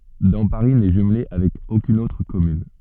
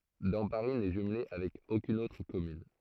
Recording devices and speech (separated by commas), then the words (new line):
soft in-ear microphone, throat microphone, read sentence
Damparis n'est jumelée avec aucune autre commune.